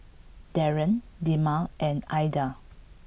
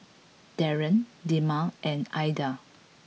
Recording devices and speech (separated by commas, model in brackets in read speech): boundary microphone (BM630), mobile phone (iPhone 6), read sentence